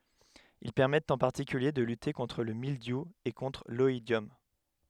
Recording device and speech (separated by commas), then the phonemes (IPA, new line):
headset microphone, read sentence
il pɛʁmɛtt ɑ̃ paʁtikylje də lyte kɔ̃tʁ lə mildju e kɔ̃tʁ lɔidjɔm